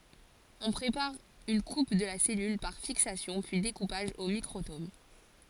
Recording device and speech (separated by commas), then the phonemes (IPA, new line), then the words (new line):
forehead accelerometer, read sentence
ɔ̃ pʁepaʁ yn kup də la sɛlyl paʁ fiksasjɔ̃ pyi dekupaʒ o mikʁotom
On prépare une coupe de la cellule, par fixation puis découpage au microtome.